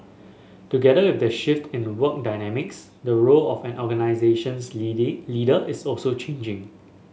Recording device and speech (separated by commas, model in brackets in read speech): mobile phone (Samsung S8), read sentence